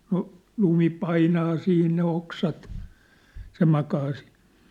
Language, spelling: Finnish, no lumi painaa siinä ne oksat se makaa siinä
- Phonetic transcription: no , 'lumi 'painaa 'siin ne 'oksat , se 'makaa sɪɪɴ .

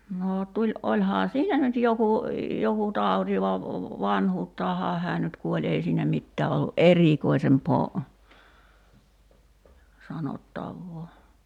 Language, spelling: Finnish, no - olihan sillä nyt joku joku tauti vaan vanhuuttaanhan hän nyt kuoli ei siinä mitään ollut erikoisempaa sanottavaa
- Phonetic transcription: noo 'tuĺ- '’oĺhaa 'sillä nyt 'joku , 'joku "tàuti va , "vanhuuttaahaa 'hää nyt 'kuoĺ 'ei siinä 'mittää ollu "’erìkoisempoo , 'sanottavvoo .

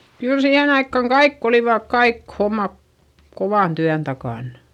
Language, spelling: Finnish, kyllä siihen aikaan kaikki olivat kaikki hommat kovan työn takana
- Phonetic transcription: kyl siihen ‿aikkaŋ kaikk ‿olivàk kaik homma , kovàn tyän takàn .

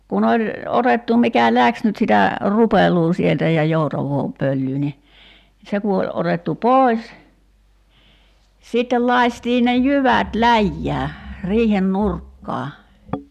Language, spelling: Finnish, kun oli otettu mikä lähti nyt sitä rupeloa sieltä ja joutavaa pölyä niin se kun oli otettu pois sitten lakaistiin ne jyvät läjään riihen nurkkaan
- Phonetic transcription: ku'n ‿oĺ , 'otettu mikä "läks nyt sitä , 'rupel̀uu "sieltä ja 'joutav̀oo , 'pöllyy ni , 'se ku oĺ 'otettu "pòi̬s , sittel 'lai̬stii ne "jyvät "läjjää , 'riihen "nurkkaa .

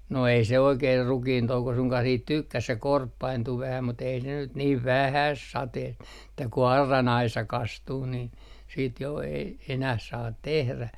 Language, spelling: Finnish, no ei se oikein rukiintouko suinkaan siitä tykkäsi se korppaintui vähän mutta ei ne nyt niin vähästä sateesta että kun auran aisa kastuu niin sitten jo ei enää saa tehdä
- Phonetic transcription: no ei se 'oikeer "rukiintouko suŋkah siit "tykkäs̆ se "korppaintu 'vähä mut ei ne nyt niiv "vähäs "sateest ᵉᵗtä ku 'arran 'aisa 'kastuu nin , siit jo , ei enäh 'saat 'tehrä .

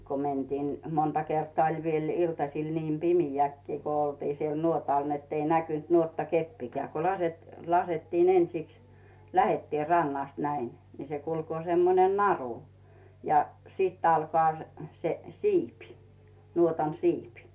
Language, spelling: Finnish, kun mentiin monta kertaa oli vielä iltasilla niin pimeäkin kun oltiin siellä nuotalla niin että ei näkynyt nuottakeppikään kun - laskettiin ensiksi lähdettiin rannasta näin no se kulkee semmoinen naru ja sitten alkaa se se siipi nuotan siipi
- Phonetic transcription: ko men̳tiin , 'monta kertᵒaa oĺ viel 'iltasil 'niim "pimijäkkii ko ‿oltii siel 'nuotal nett ‿ei 'näkynt 'nuotta"keppikää ko lase- , 'lasettiin "ensiks , "lähettiin̬ 'rannast näin , nⁱ se kulkoo 'semmonen "naru , ja , sit 'alkᵒà , se , se , "siipi , 'nuotan "siipi .

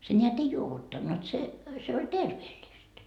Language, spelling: Finnish, se näet ei juovuttanut se se oli terveellistä
- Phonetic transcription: se ńeät "ei 'juovuttannut se , se oĺ "terveeĺĺist .

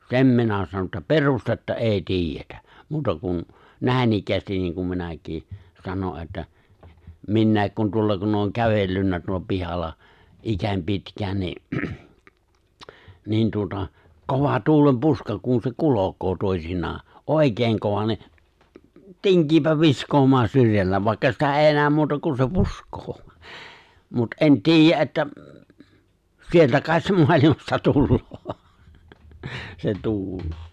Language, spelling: Finnish, sen minä sanon että perustetta ei tiedetä muuta kuin näinikään niin kun minäkin sanon että minäkin kun tuolla kun olen kävellyt tuolla pihalla ikäni pitkään niin niin tuota kova tuulenpuuska kun se kulkee toisinaan oikein - kova niin tinkii viskaamaan syrjällä vaikka sitä ei näe muuta kuin se puskee mutta en tiedä että sieltä kai se maailmasta tulee se tuuli
- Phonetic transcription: se̬m minä sanon̬ ’että "pe̬rustetta "’èi "ti̬ijjetä , 'muuta kun , 'nä̀inikkäästin niiŋ kum 'minäk̀ì , 'sano ’että , 'minnä̀i̬k kun 'tuolla kunn ‿ooŋ 'kävellynnä tuolla 'pihalla , '’ikäń 'pitkään ni , 'niin tuota , 'kova 'tuulem'puuska kun se 'kulok̀oo 'tòisinnaa , ''’òikeeŋ 'ko- 'kova ni , "tiŋkiipä 'viskoomaa 'syrjäll(ä) 'vàikka sitä 'èi 'nääm muuta kun se 'pusk̀oo , mut '’e̬n ti̬ijjä ’että , 'sieltä kài̬t se 'moalimasta 'tulloo , se 'tuul .

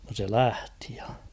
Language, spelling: Finnish, no se lähti ja
- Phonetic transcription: no se "lähtɪ ᴊᴀ .

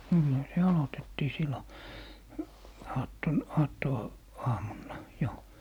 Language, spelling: Finnish, niinhän se aloitettiin silloin - - aattoaamuna jo
- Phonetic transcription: niihä se 'alotettii 'sillo , "aatton , "aatto- , -'aamunna , 'jo .

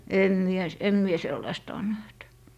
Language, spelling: Finnish, en minä - en minä sellaista ole nähnyt
- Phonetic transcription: 'em 'mie s- , em 'mie 'sellaista on näht .

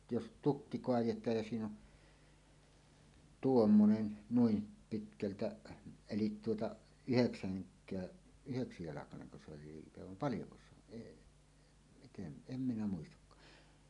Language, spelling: Finnish, jos tukki kaadetaan ja siinä on tuommoinen noin pitkältä eli tuota yhdeksänkään yhdeksäntoistajalkainen se oli liipe vaan paljonko se on eli miten en minä muistakaan
- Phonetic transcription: jos "tukki 'koajet̀aaj ja 'siin ‿on , "tuommonen , 'nuim pitkältä , 'elit tuota , "yheksäŋk̆kää , 'yheksitòestajalakaneŋko se oli 'liipe vam "paljoko se ‿on , eˀ , miten , "em 'minä 'muistakkaa .

